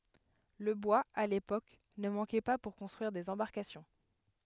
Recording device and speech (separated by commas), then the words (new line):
headset microphone, read sentence
Le bois, à l’époque, ne manquait pas pour construire des embarcations.